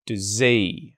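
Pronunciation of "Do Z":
In 'does he', the h is dropped and the vowel in 'does' is a schwa, so it sounds like 'duh-zee'. The emphasis is on the last syllable, 'zee'.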